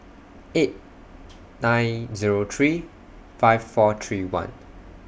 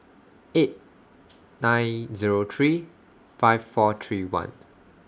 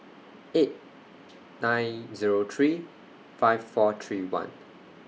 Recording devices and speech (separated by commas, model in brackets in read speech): boundary microphone (BM630), standing microphone (AKG C214), mobile phone (iPhone 6), read sentence